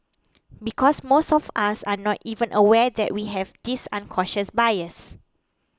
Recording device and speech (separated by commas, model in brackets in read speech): close-talking microphone (WH20), read sentence